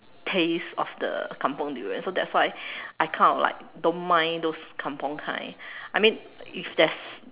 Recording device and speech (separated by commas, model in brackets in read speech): telephone, conversation in separate rooms